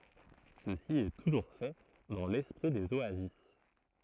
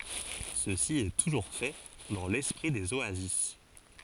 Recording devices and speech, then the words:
throat microphone, forehead accelerometer, read sentence
Ceci est toujours fait dans l'esprit des oasis.

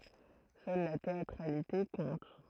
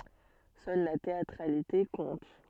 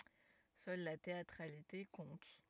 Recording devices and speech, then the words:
throat microphone, soft in-ear microphone, rigid in-ear microphone, read sentence
Seule la théâtralité compte.

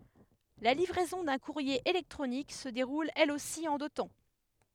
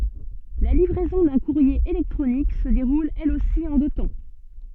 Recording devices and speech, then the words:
headset microphone, soft in-ear microphone, read sentence
La livraison d'un courrier électronique se déroule elle aussi en deux temps.

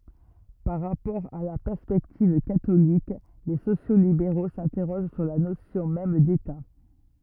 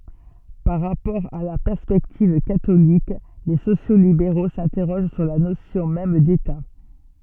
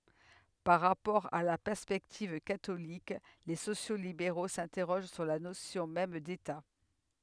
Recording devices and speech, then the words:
rigid in-ear microphone, soft in-ear microphone, headset microphone, read sentence
Par rapport à la perspective catholique, les sociaux-libéraux s'interrogent sur la notion même d'État.

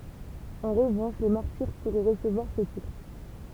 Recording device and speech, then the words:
temple vibration pickup, read sentence
En revanche les martyrs pourraient recevoir ce titre.

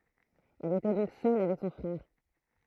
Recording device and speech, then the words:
throat microphone, read sentence
Elle était donc seule avec son frère.

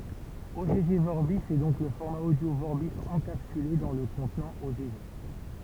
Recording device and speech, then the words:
temple vibration pickup, read sentence
Ogg Vorbis est donc le format audio Vorbis encapsulé dans le contenant Ogg.

